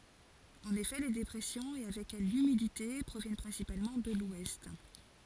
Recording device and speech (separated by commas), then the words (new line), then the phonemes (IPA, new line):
forehead accelerometer, read sentence
En effet, les dépressions, et avec elles l'humidité, proviennent principalement de l'ouest.
ɑ̃n efɛ le depʁɛsjɔ̃z e avɛk ɛl lymidite pʁovjɛn pʁɛ̃sipalmɑ̃ də lwɛst